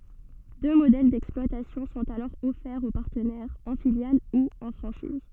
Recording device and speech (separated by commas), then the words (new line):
soft in-ear microphone, read sentence
Deux modèles d'exploitation sont alors offerts aux partenaires, en filiale ou en franchise.